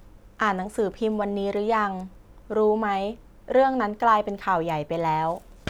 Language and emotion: Thai, neutral